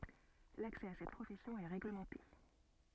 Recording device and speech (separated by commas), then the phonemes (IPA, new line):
soft in-ear microphone, read sentence
laksɛ a sɛt pʁofɛsjɔ̃ ɛ ʁeɡləmɑ̃te